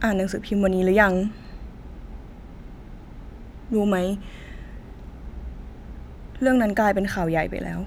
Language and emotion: Thai, sad